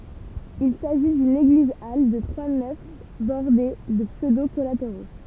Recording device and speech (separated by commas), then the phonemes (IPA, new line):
temple vibration pickup, read sentence
il saʒi dyn eɡlizal də tʁwa nɛf bɔʁde də psødo kɔlateʁo